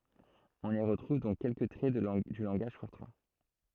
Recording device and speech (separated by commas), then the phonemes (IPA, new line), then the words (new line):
throat microphone, read sentence
ɔ̃n i ʁətʁuv dɔ̃k kɛlkə tʁɛ dy lɑ̃ɡaʒ fɔʁtʁɑ̃
On y retrouve donc quelques traits du langage Fortran.